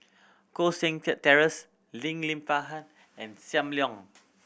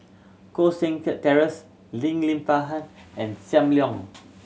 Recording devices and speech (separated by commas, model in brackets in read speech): boundary microphone (BM630), mobile phone (Samsung C7100), read sentence